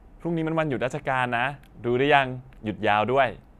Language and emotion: Thai, neutral